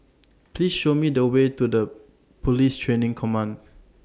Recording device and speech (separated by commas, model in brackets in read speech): standing microphone (AKG C214), read sentence